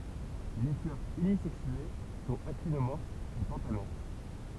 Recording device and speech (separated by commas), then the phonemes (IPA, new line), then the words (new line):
temple vibration pickup, read sentence
le flœʁz ynizɛksye sɔ̃t aktinomɔʁfz e pɑ̃tamɛʁ
Les fleurs unisexuées sont actinomorphes et pentamères.